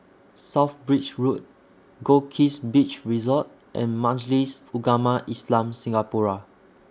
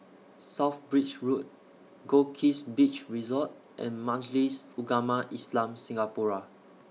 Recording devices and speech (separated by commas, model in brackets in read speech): standing microphone (AKG C214), mobile phone (iPhone 6), read sentence